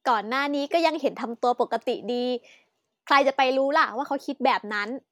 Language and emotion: Thai, happy